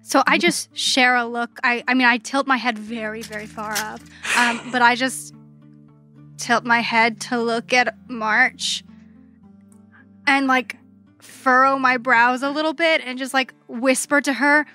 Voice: soft and warm voice